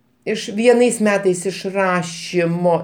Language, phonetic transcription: Lithuanian, ˈiš vieˈnais ˈmetais iš ˈrašimo

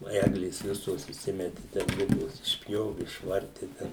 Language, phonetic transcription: Lithuanian, nu ˈeglės ˈvisos įˈsimeti ten ˈligos išˈpjovi išˈvarti ˈten

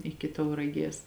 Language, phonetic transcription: Lithuanian, ˈiki tauraˈgės

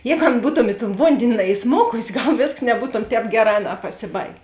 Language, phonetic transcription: Lithuanian, ˈjēgu ˈan ˈbūtom i ton ˈvondėni naiˈsmokusi ˈgal ˈvėsks neˈbūtom ˈtēp ˈgeˌrā ˈaˌnā pasiˈbaigė

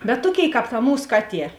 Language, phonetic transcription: Lithuanian, bet ˈtuoˌkėiˈkāp ta ˈmūs ˈkaˌtie

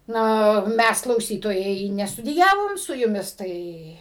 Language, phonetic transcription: Lithuanian, ˈna ˈmæs klauˈsytojai nestudiˈjavom su juˈmis ˈtai

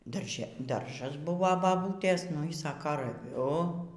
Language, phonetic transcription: Lithuanian, darˈže ˈdaržas ˈbuvo baˈbūtės nu y ˈsaka raˈviu

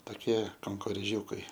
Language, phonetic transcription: Lithuanian, taˈkie kankorėˈžiūkai

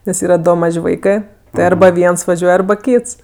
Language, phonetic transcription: Lithuanian, nes ˈyra ˈdo ˈmaž' ˈvaikɜ ti ˈarba ˈviens vaˈžiuoj ˈarba ˈkyts

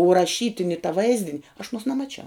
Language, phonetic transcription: Lithuanian, u raˈšytini ta ˈvaizdin' aš aˈnuos nemaˈčiau

